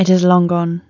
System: none